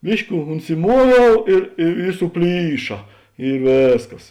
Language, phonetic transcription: Lithuanian, ˈbiški unsiˈmuoviau ir i i suˈplyša i ˈvėsˌkas

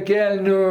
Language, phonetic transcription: Lithuanian, ˈkelniu

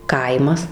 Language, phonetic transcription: Lithuanian, ˈkaimas

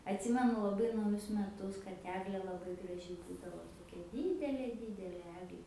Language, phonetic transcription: Lithuanian, atˈsimenu laˈbai nauˈjus meˈtus kad ˈeglė laˈbai graˈži ˈbūdavo toˈkia ˈdydelė ˈdydelė ˈeglė

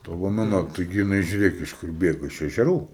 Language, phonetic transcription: Lithuanian, ˈta lomeˈna taiˈgi jiˈnai žiuˈrėk iš ˈkur ˈbėgo iš ežeˈrų

